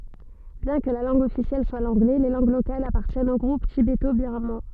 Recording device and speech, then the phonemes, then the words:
soft in-ear microphone, read sentence
bjɛ̃ kə la lɑ̃ɡ ɔfisjɛl swa lɑ̃ɡlɛ le lɑ̃ɡ lokalz apaʁtjɛnt o ɡʁup tibeto biʁmɑ̃
Bien que la langue officielle soit l'anglais, les langues locales appartiennent au groupe tibéto-birman.

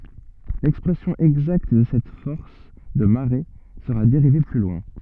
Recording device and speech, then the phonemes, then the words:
soft in-ear microphone, read sentence
lɛkspʁɛsjɔ̃ ɛɡzakt də sɛt fɔʁs də maʁe səʁa deʁive ply lwɛ̃
L'expression exacte de cette force de marée sera dérivée plus loin.

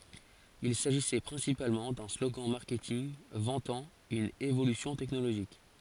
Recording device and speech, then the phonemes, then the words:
forehead accelerometer, read sentence
il saʒisɛ pʁɛ̃sipalmɑ̃ dœ̃ sloɡɑ̃ maʁkɛtinɡ vɑ̃tɑ̃ yn evolysjɔ̃ tɛknoloʒik
Il s'agissait principalement d'un slogan marketing vantant une évolution technologique.

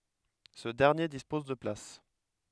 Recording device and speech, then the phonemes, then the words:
headset microphone, read sentence
sə dɛʁnje dispɔz də plas
Ce dernier dispose de places.

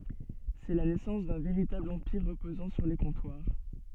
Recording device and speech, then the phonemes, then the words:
soft in-ear microphone, read sentence
sɛ la nɛsɑ̃s dœ̃ veʁitabl ɑ̃piʁ ʁəpozɑ̃ syʁ le kɔ̃twaʁ
C'est la naissance d'un véritable empire reposant sur les comptoirs.

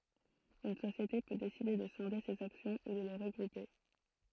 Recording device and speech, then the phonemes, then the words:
throat microphone, read sentence
yn sosjete pø deside də sɛ̃de sez aksjɔ̃ u də le ʁəɡʁupe
Une société peut décider de scinder ses actions ou de les regrouper.

